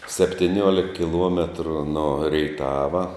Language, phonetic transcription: Lithuanian, septiˈniuolik kiˈluometru no reiˈtava

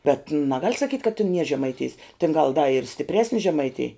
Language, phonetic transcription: Lithuanian, ˈbet naˈgal' saˈkyt' kad tin nie žemaiˈtijs tin gal da ir stipˈresni žemaiˈtėj

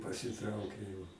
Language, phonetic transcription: Lithuanian, pasiˈtraukė jau

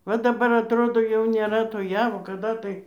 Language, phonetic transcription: Lithuanian, va daˈbar atˈrodo jau nėˈra to ˈjavo kaˈda tai

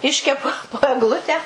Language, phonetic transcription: Lithuanian, ˈiškepu po egˈlutę

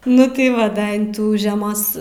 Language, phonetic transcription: Lithuanian, ˈnu tai ˈva ˈda in ˈtų žeˈmos

